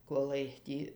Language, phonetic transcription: Lithuanian, koˈlai ˈtį

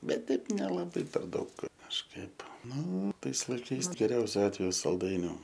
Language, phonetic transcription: Lithuanian, ˈbet ˈteip nelaˈbai per ˈdaug kažˈkaip ˈnu ˈtais laiˈkais geˈriausiu ˈatveju salˈdainiu

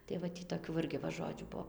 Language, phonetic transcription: Lithuanian, tai va ˈtį toˈkių va ˈirgi va ˈžodžių ˈbuo

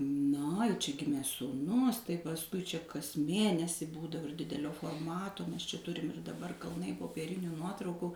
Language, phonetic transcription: Lithuanian, na i čia ˈgimė sūˈnus tai pasˈkui čia kas ˈmėnesi ˈbūdavo ir ˈdidelio forˈmato mes čia ˈturim ir daˈbar kalˈnai popieˈriniu ˈnuotrauku

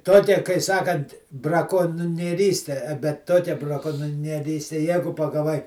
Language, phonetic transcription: Lithuanian, ˈtokia kai ˈsakant brakonnieˈryste bet ˈtokia braˈkonnieˈryste ˈjegu pagaˈvai

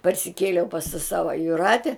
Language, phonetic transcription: Lithuanian, parsiˈkėliau pas ta ˈsava juˈrate

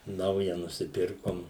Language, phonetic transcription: Lithuanian, ˈnauja nusiˈpirkom

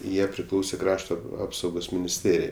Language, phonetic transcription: Lithuanian, ˈjie priˈklausė ˈkrašto ˈapsaugos minisˈtėrijai

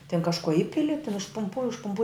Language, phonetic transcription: Lithuanian, tin kažˈko ˈipili tin užpumˈpuo užpuˈmpuoj

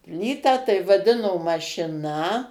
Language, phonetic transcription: Lithuanian, ˈplytą tai vaˈdino mašiˈna

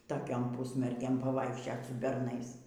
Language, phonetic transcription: Lithuanian, toˈkiom ˈpusmergėm pavaikšˈčiot su berˈnais

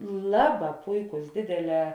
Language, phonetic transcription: Lithuanian, ˈlaˌbā ˈpuiˌkus ˈdėdėˌlē

